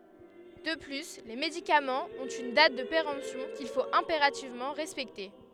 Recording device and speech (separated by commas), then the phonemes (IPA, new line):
headset microphone, read sentence
də ply le medikamɑ̃z ɔ̃t yn dat də peʁɑ̃psjɔ̃ kil fot ɛ̃peʁativmɑ̃ ʁɛspɛkte